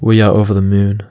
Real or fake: real